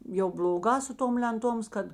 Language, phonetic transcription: Lithuanian, jau bl'oˈgā su ˈtom lenˈtoms ˈkad

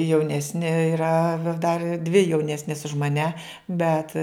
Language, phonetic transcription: Lithuanian, jauˈnesni yˈra dar dvi jauˈnesnės už maˈnæ ˈbet

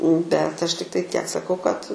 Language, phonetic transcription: Lithuanian, bet ˈaš tikˈtai tiek saˈkau kad

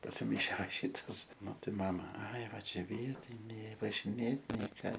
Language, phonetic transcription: Lithuanian, pasiˈmaišė va ˈšytas maˈtai ˈmama ai ˈva ˈčia ˈvietinė važiˈnėt nei ˈką

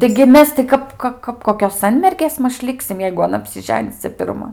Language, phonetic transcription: Lithuanian, taigi ˈmes ti ˈkap ˈka kap ˈkokios ˈsanmergės ˈmaž ˈliksim jeigu aˈna apsiˈženis ˈcia pirˈma

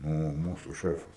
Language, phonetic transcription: Lithuanian, ˈnu o ˈmūsu ˈšefas

